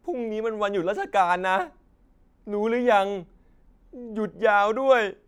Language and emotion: Thai, sad